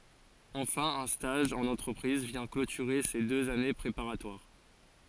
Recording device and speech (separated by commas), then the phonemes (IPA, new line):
forehead accelerometer, read sentence
ɑ̃fɛ̃ œ̃ staʒ ɑ̃n ɑ̃tʁəpʁiz vjɛ̃ klotyʁe se døz ane pʁepaʁatwaʁ